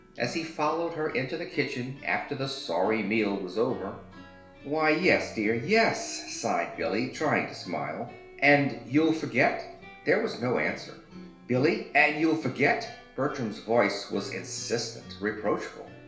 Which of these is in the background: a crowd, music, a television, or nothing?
Music.